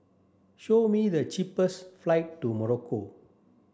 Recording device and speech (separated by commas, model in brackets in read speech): standing microphone (AKG C214), read sentence